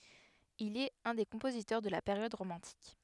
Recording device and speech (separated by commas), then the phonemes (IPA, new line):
headset microphone, read sentence
il ɛt œ̃ de kɔ̃pozitœʁ də la peʁjɔd ʁomɑ̃tik